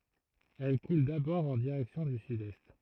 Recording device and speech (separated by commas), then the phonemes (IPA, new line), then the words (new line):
throat microphone, read sentence
ɛl kul dabɔʁ ɑ̃ diʁɛksjɔ̃ dy sydɛst
Elle coule d'abord en direction du sud-est.